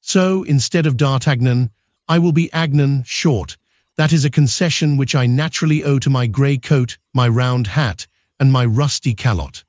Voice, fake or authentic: fake